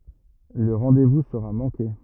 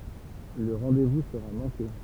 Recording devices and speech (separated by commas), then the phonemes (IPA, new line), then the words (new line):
rigid in-ear microphone, temple vibration pickup, read sentence
lə ʁɑ̃devu səʁa mɑ̃ke
Le rendez-vous sera manqué.